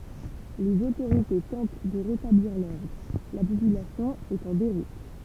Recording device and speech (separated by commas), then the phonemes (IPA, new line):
temple vibration pickup, read sentence
lez otoʁite tɑ̃t də ʁetabliʁ lɔʁdʁ la popylasjɔ̃ ɛt ɑ̃ deʁut